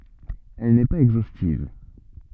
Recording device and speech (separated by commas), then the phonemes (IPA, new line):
soft in-ear microphone, read sentence
ɛl nɛ paz ɛɡzostiv